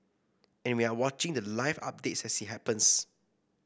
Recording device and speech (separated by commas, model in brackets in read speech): boundary microphone (BM630), read sentence